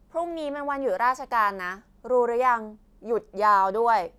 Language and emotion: Thai, frustrated